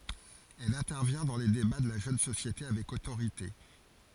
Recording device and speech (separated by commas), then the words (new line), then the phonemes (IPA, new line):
forehead accelerometer, read sentence
Elle intervient dans les débats de la jeune société avec autorité.
ɛl ɛ̃tɛʁvjɛ̃ dɑ̃ le deba də la ʒøn sosjete avɛk otoʁite